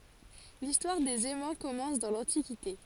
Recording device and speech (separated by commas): forehead accelerometer, read sentence